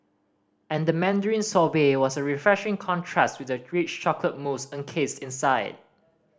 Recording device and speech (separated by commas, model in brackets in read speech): standing microphone (AKG C214), read sentence